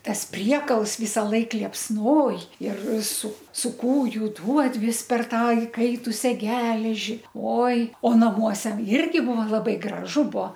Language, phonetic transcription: Lithuanian, ˈtas ˈpriekals vysaˈlaik liepsˈnoj ir su su ˈkūju duod ˈvis per ˈtą iˈkaitusia ˈgeleži ˈoi o naˈmuose ˈirgi ˈbuva laˈbai graˈžu ˈbuo

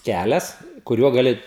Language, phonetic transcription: Lithuanian, ˈkælias kuˈriuo gaˈli

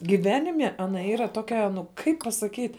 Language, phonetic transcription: Lithuanian, giˈvenime aˈna ˈyra ˈtokia nu ˈkaip pasaˈkyt'

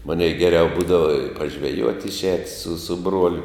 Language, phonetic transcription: Lithuanian, ˈmanei geˈriau ˈbūdava pažveˈjuot' išˈēt su su ˈbruoliu

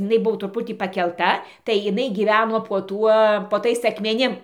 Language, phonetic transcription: Lithuanian, iˈnai ˈbuvo truˈputį pakelˈta tai iˈnai gyˈveno po ˈtuo po ˈtais akmeˈnim

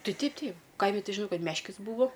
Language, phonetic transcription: Lithuanian, ˈtai ˈteip ˈteip ˈkaimi ˈti žiˈnau ˈkad ˈmeškis ˈbūvo

